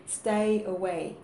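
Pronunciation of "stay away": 'Stay away' is pronounced incorrectly here.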